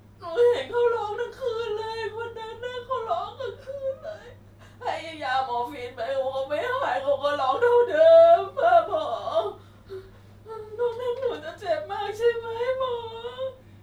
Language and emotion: Thai, sad